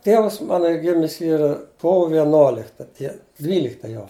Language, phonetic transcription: Lithuanian, ˈtievas ˈmano ˈy ˈgimis ˈyra ˈkovo vieˈnolikta ˈdie ˈdvylikta jo

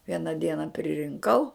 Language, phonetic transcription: Lithuanian, ˈviena ˈdiena pririnˈkau

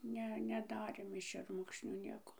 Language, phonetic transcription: Lithuanian, ˈne neˈdarėm iš šerˈmukšnių ˈnieko

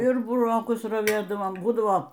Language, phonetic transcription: Lithuanian, ir buˈrokus raˈvėdavom ˈbūdavo

